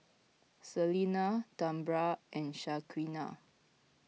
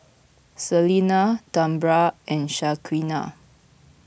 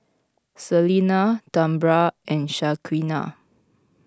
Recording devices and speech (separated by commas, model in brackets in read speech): mobile phone (iPhone 6), boundary microphone (BM630), close-talking microphone (WH20), read sentence